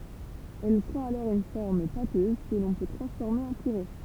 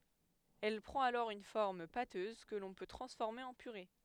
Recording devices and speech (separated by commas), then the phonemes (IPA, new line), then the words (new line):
temple vibration pickup, headset microphone, read sentence
ɛl pʁɑ̃t alɔʁ yn fɔʁm patøz kə lɔ̃ pø tʁɑ̃sfɔʁme ɑ̃ pyʁe
Elle prend alors une forme pâteuse que l'on peut transformer en purée.